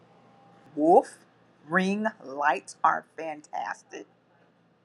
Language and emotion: English, angry